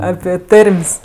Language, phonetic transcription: Lithuanian, ˈapi ˈtarm's'

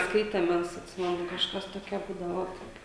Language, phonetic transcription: Lithuanian, ˈskaitem ˈmes atˈsimenu kažˈkas toˈkia ˈbūdavo ˈot

